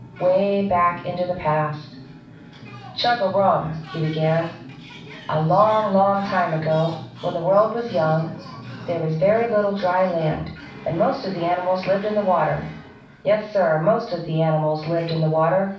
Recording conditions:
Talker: one person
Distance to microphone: 5.8 m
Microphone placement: far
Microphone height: 1.8 m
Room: medium-sized (5.7 m by 4.0 m)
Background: television

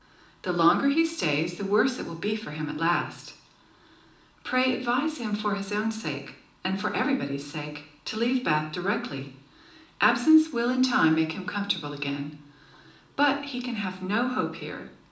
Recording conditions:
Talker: one person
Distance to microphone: 2.0 m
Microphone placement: close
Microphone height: 99 cm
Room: medium-sized (5.7 m by 4.0 m)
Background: none

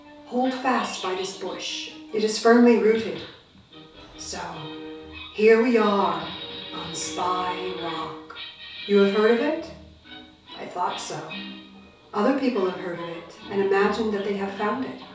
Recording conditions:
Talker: one person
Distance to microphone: 3.0 m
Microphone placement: far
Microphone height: 1.8 m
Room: small (3.7 m by 2.7 m)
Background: television

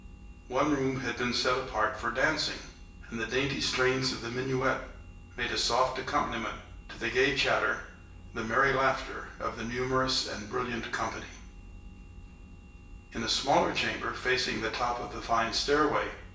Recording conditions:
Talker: one person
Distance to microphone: 1.8 m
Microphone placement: close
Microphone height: 1.0 m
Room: large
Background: none

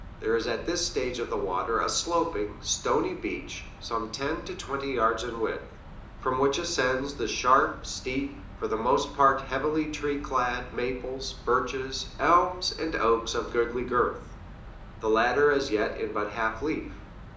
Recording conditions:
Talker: one person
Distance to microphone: 2.0 m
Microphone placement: close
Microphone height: 99 cm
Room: medium-sized (5.7 m by 4.0 m)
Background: none

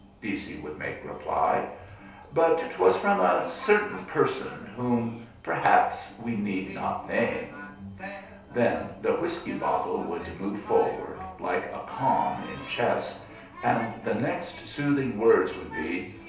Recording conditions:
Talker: one person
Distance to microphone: 3.0 m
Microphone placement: far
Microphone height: 1.8 m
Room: small (3.7 m by 2.7 m)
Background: television

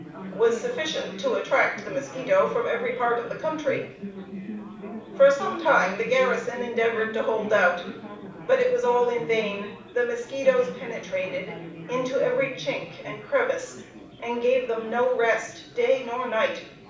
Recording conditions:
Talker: one person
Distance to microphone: 5.8 m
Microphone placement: far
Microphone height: 1.8 m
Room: medium-sized (5.7 m by 4.0 m)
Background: babble

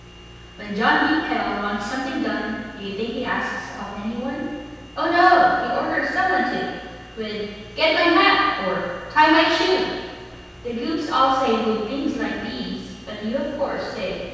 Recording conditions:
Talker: one person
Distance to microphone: 7.1 m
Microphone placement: far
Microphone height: 1.7 m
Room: very reverberant, large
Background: none

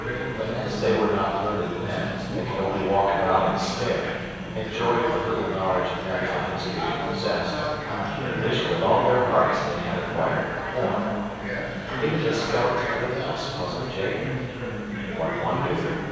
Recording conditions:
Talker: one person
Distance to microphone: 7.1 m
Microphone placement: far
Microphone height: 1.7 m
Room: very reverberant, large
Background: babble

